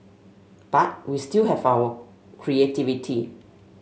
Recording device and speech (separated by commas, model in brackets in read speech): mobile phone (Samsung S8), read sentence